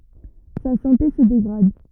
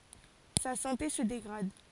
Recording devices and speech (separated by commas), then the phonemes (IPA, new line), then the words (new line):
rigid in-ear microphone, forehead accelerometer, read sentence
sa sɑ̃te sə deɡʁad
Sa santé se dégrade.